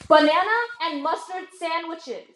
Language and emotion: English, angry